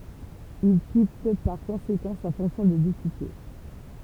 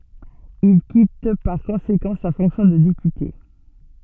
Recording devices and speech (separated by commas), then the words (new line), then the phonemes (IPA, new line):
temple vibration pickup, soft in-ear microphone, read sentence
Il quitte par conséquent sa fonction de député.
il kit paʁ kɔ̃sekɑ̃ sa fɔ̃ksjɔ̃ də depyte